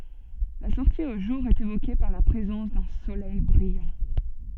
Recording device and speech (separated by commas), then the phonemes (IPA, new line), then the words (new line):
soft in-ear microphone, read sentence
la sɔʁti o ʒuʁ ɛt evoke paʁ la pʁezɑ̃s dœ̃ solɛj bʁijɑ̃
La sortie au jour est évoquée par la présence d'un soleil brillant.